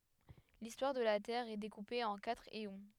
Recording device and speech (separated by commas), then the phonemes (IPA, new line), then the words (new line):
headset microphone, read sentence
listwaʁ də la tɛʁ ɛ dekupe ɑ̃ katʁ eɔ̃
L'histoire de la Terre est découpée en quatre éons.